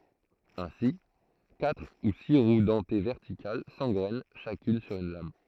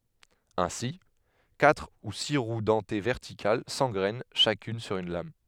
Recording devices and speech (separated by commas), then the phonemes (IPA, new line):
throat microphone, headset microphone, read sentence
ɛ̃si katʁ u si ʁw dɑ̃te vɛʁtikal sɑ̃ɡʁɛn ʃakyn syʁ yn lam